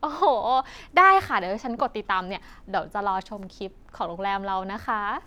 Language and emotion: Thai, happy